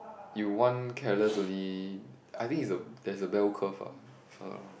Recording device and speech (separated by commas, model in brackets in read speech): boundary microphone, conversation in the same room